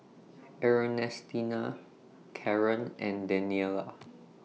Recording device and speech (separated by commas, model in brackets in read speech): mobile phone (iPhone 6), read sentence